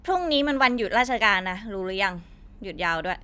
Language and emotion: Thai, frustrated